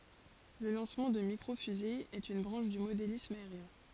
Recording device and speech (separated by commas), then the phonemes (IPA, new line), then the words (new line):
forehead accelerometer, read sentence
lə lɑ̃smɑ̃ də mikʁo fyze ɛt yn bʁɑ̃ʃ dy modelism aeʁjɛ̃
Le lancement de Micro fusée est une branche du modélisme aérien.